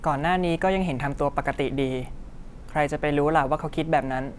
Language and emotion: Thai, neutral